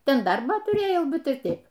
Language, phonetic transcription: Lithuanian, ˈten ˈdarbą tuˈrėjau ˈbet ir ˈteip

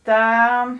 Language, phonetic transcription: Lithuanian, ˈta

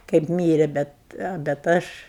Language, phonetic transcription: Lithuanian, kaip ˈmyre ˈbet bet ˈaš

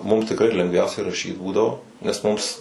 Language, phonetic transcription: Lithuanian, mum tikˈrai lengˈviausiai raˈšyt ˈbūdavo nes ˈmums

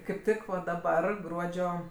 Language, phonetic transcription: Lithuanian, kaip ˈtik daˈbar ˈgruodžio

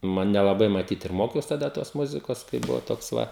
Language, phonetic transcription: Lithuanian, ˈnu nelaˈbai maˈtyt ir ˈmokiaus taˈda tos ˈmuzikos kai ˈbuvo ˈtoks ˈva

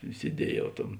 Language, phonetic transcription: Lithuanian, sieˈdiejau ˈtam

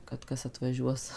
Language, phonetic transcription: Lithuanian, kad ˈkas atvaˈžiuos

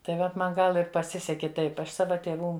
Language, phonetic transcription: Lithuanian, tai ˈvat ˈman ˈgal ir paˈsiseki ˈtaip ˈaš ˈsava tėˈvų

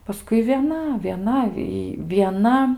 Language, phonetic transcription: Lithuanian, paˈskui vieˈna vieˈna y vieˈna

